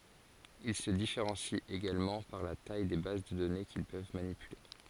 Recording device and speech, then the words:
forehead accelerometer, read sentence
Ils se différencient également par la taille des bases de données qu'ils peuvent manipuler.

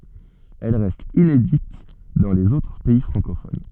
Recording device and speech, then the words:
soft in-ear microphone, read sentence
Elle reste inédite dans les autres pays francophones.

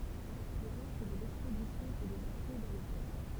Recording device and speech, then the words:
temple vibration pickup, read sentence
Le reste de l'expédition peut débarquer dans le port.

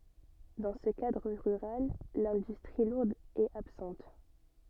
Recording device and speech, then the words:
soft in-ear microphone, read sentence
Dans ce cadre rural, l'industrie lourde est absente.

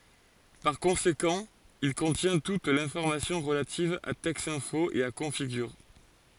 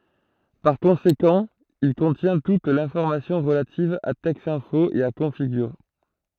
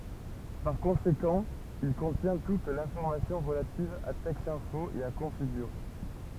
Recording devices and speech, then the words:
forehead accelerometer, throat microphone, temple vibration pickup, read sentence
Par conséquent, il contient toute l’information relative à Texinfo et à Configure.

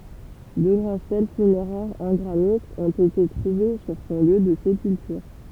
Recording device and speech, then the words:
temple vibration pickup, read sentence
Deux grandes stèles funéraires en granit ont été trouvées sur son lieu de sépulture.

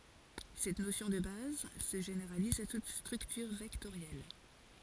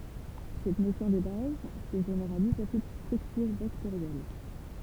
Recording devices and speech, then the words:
forehead accelerometer, temple vibration pickup, read sentence
Cette notion de base se généralise à toute structure vectorielle.

